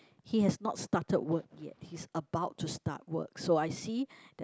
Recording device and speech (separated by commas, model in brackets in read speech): close-talking microphone, conversation in the same room